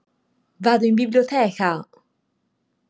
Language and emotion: Italian, happy